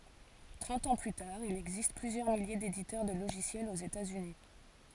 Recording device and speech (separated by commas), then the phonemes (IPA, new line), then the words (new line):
forehead accelerometer, read sentence
tʁɑ̃t ɑ̃ ply taʁ il ɛɡzist plyzjœʁ milje deditœʁ də loʒisjɛlz oz etaz yni
Trente ans plus tard il existe plusieurs milliers d'éditeurs de logiciels aux États-Unis.